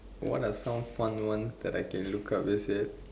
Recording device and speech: standing microphone, conversation in separate rooms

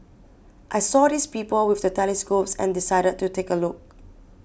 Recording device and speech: boundary microphone (BM630), read sentence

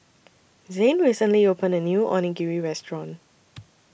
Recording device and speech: boundary microphone (BM630), read sentence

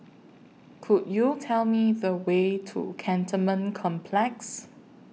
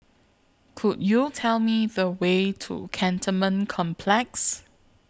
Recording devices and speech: mobile phone (iPhone 6), close-talking microphone (WH20), read sentence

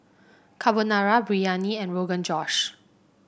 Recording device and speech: boundary microphone (BM630), read sentence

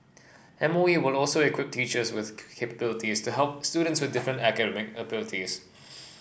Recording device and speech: boundary microphone (BM630), read sentence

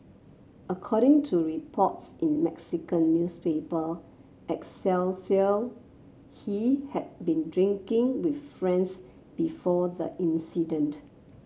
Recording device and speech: mobile phone (Samsung C7), read sentence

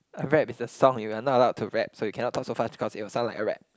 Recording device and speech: close-talking microphone, conversation in the same room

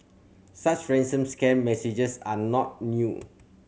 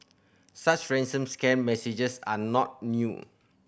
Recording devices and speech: mobile phone (Samsung C7100), boundary microphone (BM630), read sentence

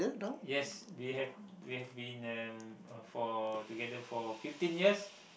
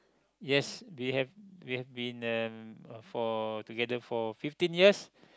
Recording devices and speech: boundary microphone, close-talking microphone, conversation in the same room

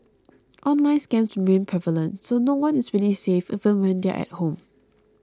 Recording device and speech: close-talking microphone (WH20), read sentence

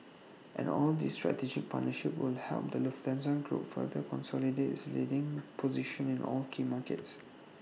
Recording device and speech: mobile phone (iPhone 6), read sentence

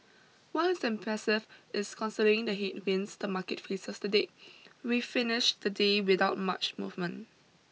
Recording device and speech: mobile phone (iPhone 6), read sentence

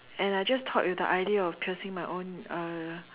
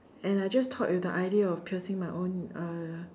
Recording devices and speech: telephone, standing microphone, conversation in separate rooms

